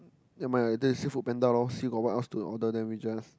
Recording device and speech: close-talking microphone, conversation in the same room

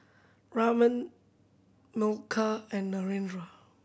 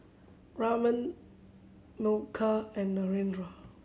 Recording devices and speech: boundary microphone (BM630), mobile phone (Samsung C7100), read sentence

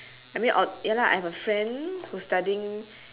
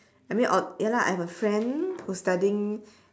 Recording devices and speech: telephone, standing microphone, conversation in separate rooms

